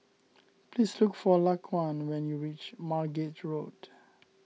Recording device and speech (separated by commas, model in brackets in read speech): mobile phone (iPhone 6), read sentence